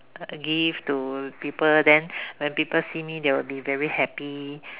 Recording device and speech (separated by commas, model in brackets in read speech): telephone, conversation in separate rooms